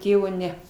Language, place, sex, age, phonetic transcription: Lithuanian, Aukštaitija, female, 60+, ˈtėvo ˈne

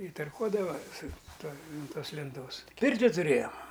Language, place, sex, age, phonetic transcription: Lithuanian, Aukštaitija, male, 60+, i tarˈkuodava su ˈtuo ant ˈtos lenˈtos ˈpirti tuˈrėjom

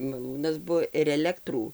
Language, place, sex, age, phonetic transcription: Lithuanian, Dzūkija, female, 60+, maˈlūnas ˈbuvo ir eˈlektrų

